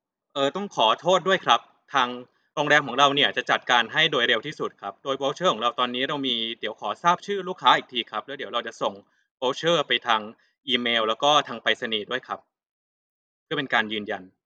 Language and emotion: Thai, neutral